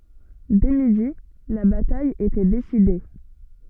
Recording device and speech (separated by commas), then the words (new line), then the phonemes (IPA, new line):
soft in-ear microphone, read sentence
Dès midi, la bataille était décidée.
dɛ midi la bataj etɛ deside